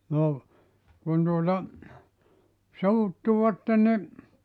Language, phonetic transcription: Finnish, 'no , kun tuota , 'suuttuvatten ni ,.
- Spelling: no kun tuota suuttuivat niin

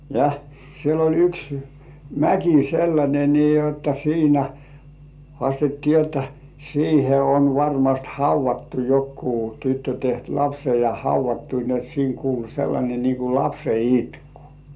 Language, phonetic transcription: Finnish, ja , siel ‿oĺ 'yks , "mäki 'sellańe nii jotta "siinä , 'hŏàstettii jotta , 'siihe on 'varmast "hauv̆vattu 'jokkuu tyttö teht "lapsej ja 'hauv̆vattu ni ‿ot siiŋ 'kulu sellańe nii ku "lapse 'itkᴜ .
- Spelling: ja siellä oli yksi mäki sellainen niin jotta siinä haastettiin jotta siihen on varmasti haudattu joku tyttö tehnyt lapsen ja haudattu niin jotta siinä kuului sellainen niin kuin lapsen itku

